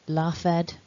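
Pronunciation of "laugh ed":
'Laughed' is pronounced incorrectly here: the ending is said as a separate 'ed' rather than as a t sound.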